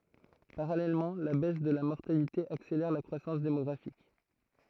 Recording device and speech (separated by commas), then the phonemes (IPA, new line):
throat microphone, read sentence
paʁalɛlmɑ̃ la bɛs də la mɔʁtalite akselɛʁ la kʁwasɑ̃s demɔɡʁafik